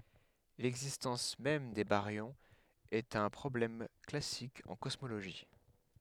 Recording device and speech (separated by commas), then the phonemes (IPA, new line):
headset microphone, read sentence
lɛɡzistɑ̃s mɛm de baʁjɔ̃z ɛt œ̃ pʁɔblɛm klasik ɑ̃ kɔsmoloʒi